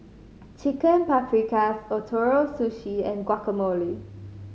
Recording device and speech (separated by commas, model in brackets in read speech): mobile phone (Samsung C5010), read sentence